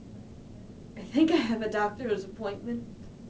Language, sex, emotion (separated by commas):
English, female, fearful